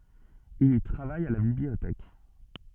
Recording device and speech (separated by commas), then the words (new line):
soft in-ear microphone, read sentence
Il y travaille à la bibliothèque.